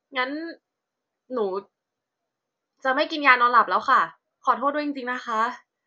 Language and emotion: Thai, frustrated